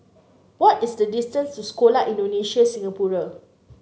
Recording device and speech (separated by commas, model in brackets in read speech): mobile phone (Samsung C9), read sentence